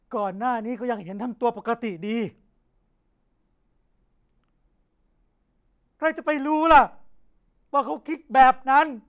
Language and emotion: Thai, angry